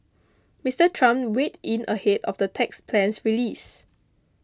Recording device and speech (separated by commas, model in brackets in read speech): close-talking microphone (WH20), read sentence